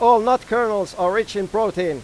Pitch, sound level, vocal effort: 220 Hz, 100 dB SPL, very loud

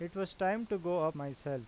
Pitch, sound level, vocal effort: 175 Hz, 90 dB SPL, normal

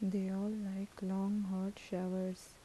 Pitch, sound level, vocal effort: 195 Hz, 76 dB SPL, soft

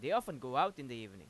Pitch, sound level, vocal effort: 130 Hz, 95 dB SPL, loud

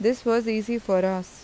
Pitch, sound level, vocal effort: 225 Hz, 85 dB SPL, normal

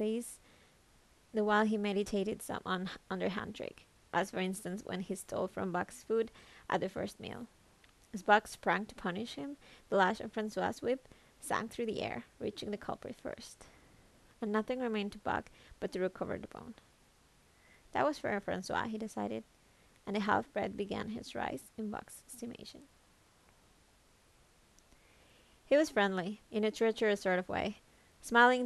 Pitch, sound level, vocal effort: 215 Hz, 78 dB SPL, soft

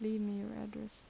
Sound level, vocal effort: 77 dB SPL, soft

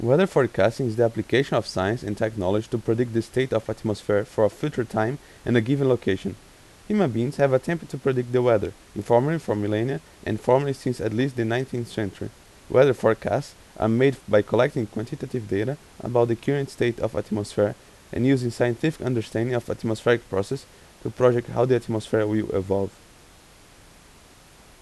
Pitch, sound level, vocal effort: 115 Hz, 84 dB SPL, normal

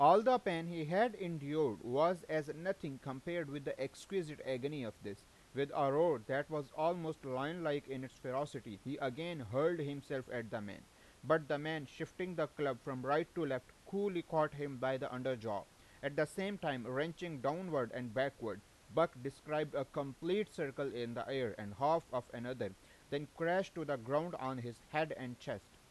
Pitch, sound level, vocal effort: 145 Hz, 92 dB SPL, loud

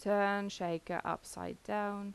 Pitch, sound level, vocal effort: 200 Hz, 84 dB SPL, normal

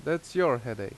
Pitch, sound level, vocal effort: 160 Hz, 86 dB SPL, loud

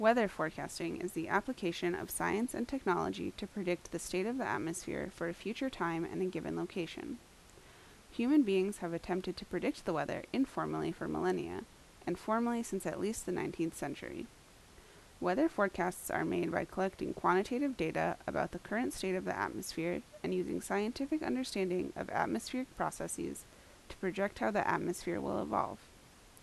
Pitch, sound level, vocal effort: 195 Hz, 79 dB SPL, normal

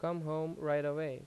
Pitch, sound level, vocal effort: 155 Hz, 86 dB SPL, normal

